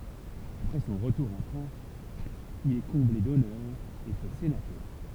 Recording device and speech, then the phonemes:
temple vibration pickup, read sentence
apʁɛ sɔ̃ ʁətuʁ ɑ̃ fʁɑ̃s il ɛ kɔ̃ble dɔnœʁz e fɛ senatœʁ

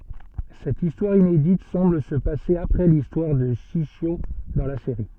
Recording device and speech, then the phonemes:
soft in-ear microphone, read sentence
sɛt istwaʁ inedit sɑ̃bl sə pase apʁɛ listwaʁ də ʃiʃjo dɑ̃ la seʁi

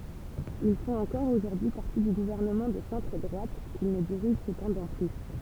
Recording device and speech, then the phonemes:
temple vibration pickup, read sentence
il fɔ̃t ɑ̃kɔʁ oʒuʁdyi paʁti dy ɡuvɛʁnəmɑ̃ də sɑ̃tʁ dʁwat kil nə diʁiʒ səpɑ̃dɑ̃ ply

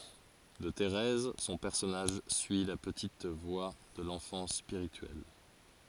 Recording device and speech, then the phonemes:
forehead accelerometer, read sentence
də teʁɛz sɔ̃ pɛʁsɔnaʒ syi la pətit vwa də lɑ̃fɑ̃s spiʁityɛl

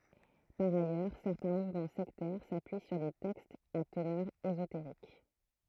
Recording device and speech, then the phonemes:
throat microphone, read sentence
paʁ ajœʁ sɛʁtɛ̃ muvmɑ̃ sɛktɛʁ sapyi syʁ de tɛkstz a tənœʁ ezoteʁik

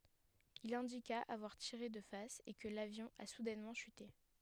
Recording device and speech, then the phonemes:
headset microphone, read sentence
il ɛ̃dika avwaʁ tiʁe də fas e kə lavjɔ̃ a sudɛnmɑ̃ ʃyte

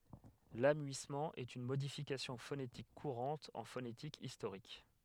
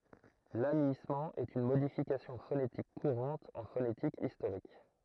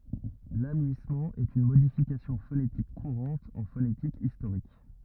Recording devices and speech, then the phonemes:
headset microphone, throat microphone, rigid in-ear microphone, read sentence
lamyismɑ̃ ɛt yn modifikasjɔ̃ fonetik kuʁɑ̃t ɑ̃ fonetik istoʁik

